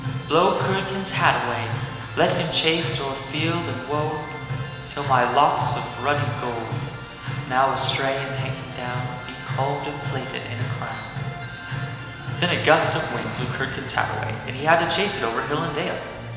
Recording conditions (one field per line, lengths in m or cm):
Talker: one person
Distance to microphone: 1.7 m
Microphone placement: close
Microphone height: 1.0 m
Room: very reverberant, large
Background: music